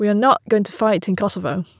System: none